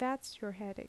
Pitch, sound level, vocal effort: 235 Hz, 77 dB SPL, soft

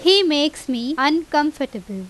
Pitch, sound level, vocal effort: 295 Hz, 89 dB SPL, very loud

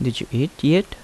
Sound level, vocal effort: 78 dB SPL, soft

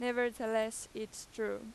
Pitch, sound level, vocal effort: 225 Hz, 93 dB SPL, very loud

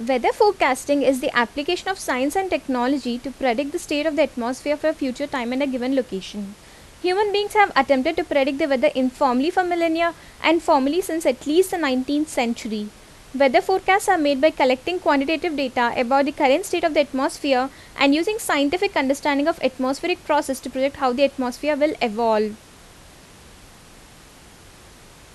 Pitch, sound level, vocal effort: 280 Hz, 84 dB SPL, loud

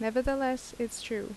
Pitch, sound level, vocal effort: 235 Hz, 79 dB SPL, normal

